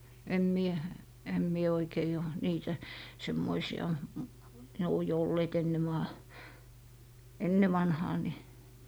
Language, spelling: Finnish, en minä en minä oikein ole niitä semmoisia ne on jo olleet ennen - ennen vanhaan niin
- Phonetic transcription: em 'mie , em mie oikei ò , 'niitä , 'semmoisi₍a ne o jo olleet enne maa- , "enne 'vanhaa ni .

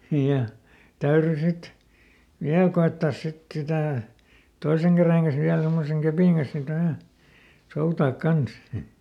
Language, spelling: Finnish, ja täytyi sitten vielä koettaa sitten sitä toisen käden kanssa vielä tuommoisen kepin kanssa sitten aina soutaa kanssa
- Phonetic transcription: ja , ˈtäyry ˈsit , "viäl ko₍ettaas sit ˈsitä̀ , ˈtoiseŋ kärèŋ kan̬s viäl ˈtommoseŋ ˈköpìŋ Gan̬s ˈsit ‿ai(na) , "soutaak ˈkans .

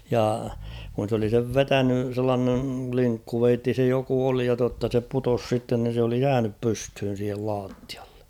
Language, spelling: Finnish, ja kun se oli sen vetänyt sellainen linkkuveitsi se joku oli ja totta se putosi sitten niin se oli jäänyt pystyyn siihen lattialle -
- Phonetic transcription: ja , kun̬ s ‿oli sev "vetäny , sellaaneŋ 'kliŋkkuveitti se joku 'oli ja totta se 'putos sitten ni se oli "jäänyp 'pysthyn̬ siihel 'laattɪᴀ ᴇ .

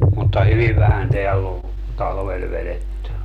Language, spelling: Finnish, mutta hyvin vähän täällä on talvella vedetty
- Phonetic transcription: mutta 'hyviv vähän 'teäll ‿ov , 'talvel 'veletty .

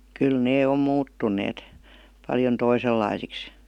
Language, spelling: Finnish, kyllä ne on muuttuneet paljon toisenlaisiksi
- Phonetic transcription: 'kyl 'nee om "muuttun̆neet , paljon 'toisellaisiks .

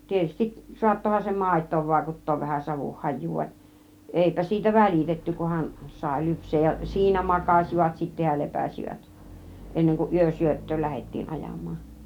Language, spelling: Finnish, tietysti saattoihan se maitoon vaikuttaa vähän savun hajua vaan eipä siitä välitetty kunhan sai lypsää ja siinä makasivat sitten ja lepäsivät ennen kuin yösyöttöön lähdettiin ajamaan
- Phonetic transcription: 'tietystiˀ , 'suattohan se "màit̆toov 'vàikut̀toov vähän 'savuh 'hajjuu vaˀ , 'èipä siitä "väl͕ìtetty 'kuhan , 'sài 'lyps̆seej ja , 'siinä "makàs͕ivat sittä ja 'lepäsivät , 'enneŋ kuˀ 'ˀyösyöt̀tööl 'lähet̀tii 'ˀajam̆maan̬ .

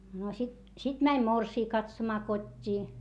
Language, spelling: Finnish, no sitten sitten meni morsian katsomaan kotiin
- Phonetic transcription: no sit , sit mäń morsii katsomaa kot́t́ii .

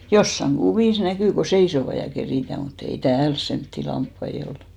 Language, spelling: Finnish, jossakin kuvissa näkyy kun seisovat ja keritään mutta ei täällä semmoisia lampaita ole
- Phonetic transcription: 'jossaŋ "ɢuvìs 'näkỳ ko "seisova ja 'kerìtä̀ , mu't ‿ei "tääls 'semtti lamppai 'ol .

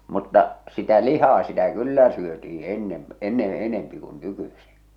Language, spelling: Finnish, mutta sitä lihaa sitä kyllä syötiin ennen ennen enempi kuin nykyisin
- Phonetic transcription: mutta , sitä 'lihaa sitä "kyllä syötii 'ennem̳ , 'enneḛ "enempi kun "nykysi .

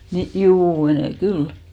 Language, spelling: Finnish, niin juu menee kyllä
- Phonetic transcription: ni , 'juu , menè 'kyl .

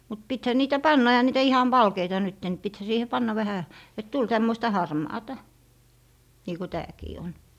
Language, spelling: Finnish, mutta pitihän niitä panna eihän niitä ihan valkeita nyt niin pitihän siihen panna vähän että tuli tämmöistä harmaata niin kuin tämäkin on
- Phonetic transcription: mut 'pithä 'niitä "panna 'ehä niitä 'ihan "valkeita nytte ni 'pithä 'siihe "panna 'vähä , et tul 'tämmoista "harmaata , nii ko "tääkii on .

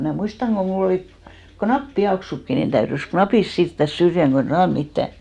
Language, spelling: Finnish, minä muistan kun minulla oli kun nappipieksutkin niin täytyi napit siirtää syrjään kun ei saanut mitään
- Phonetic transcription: minä̀ 'muistaŋ ɢo mu'l ‿olì , ko "knap'piaksukki nin täyrys "knapis 'siirttäs 'syrjäŋ ɢo ei "saan mittä .

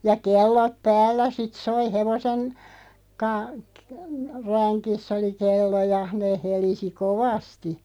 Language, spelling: Finnish, ja kellot päällä sitten soi hevosen - - längissä oli kello ja ne helisi kovasti
- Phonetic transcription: ja "kello(t) 'päällä sit 'soi 'hevosen , ka- , k- , 'räŋkiss ‿oli 'kello ja , 'neeʰ 'helisi "kovasti .

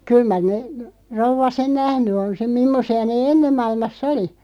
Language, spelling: Finnish, kyllä mar - rouva sen nähnyt on sen mimmoisia ne ennen maailmassa oli
- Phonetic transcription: 'kyl mar ne- , 'rouv̆va 'sen "nähny on 'sem "mimmosi₍a 'nee "enneᵐ 'mailmas"s ‿oli .

